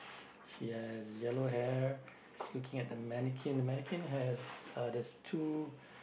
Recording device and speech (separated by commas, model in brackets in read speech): boundary microphone, conversation in the same room